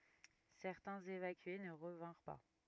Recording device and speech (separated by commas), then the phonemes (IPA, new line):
rigid in-ear microphone, read sentence
sɛʁtɛ̃z evakye nə ʁəvɛ̃ʁ pa